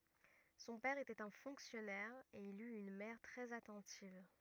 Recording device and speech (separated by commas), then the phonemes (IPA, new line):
rigid in-ear microphone, read sentence
sɔ̃ pɛʁ etɛt œ̃ fɔ̃ksjɔnɛʁ e il yt yn mɛʁ tʁɛz atɑ̃tiv